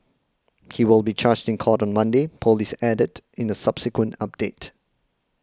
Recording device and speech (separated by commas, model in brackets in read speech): close-talking microphone (WH20), read sentence